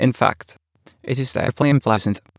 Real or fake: fake